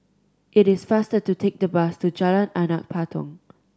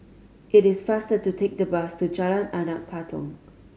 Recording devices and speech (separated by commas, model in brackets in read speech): standing microphone (AKG C214), mobile phone (Samsung C5010), read sentence